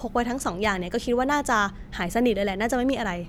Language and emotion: Thai, neutral